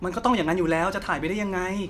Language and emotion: Thai, angry